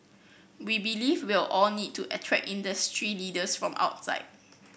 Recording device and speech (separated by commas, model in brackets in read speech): boundary microphone (BM630), read sentence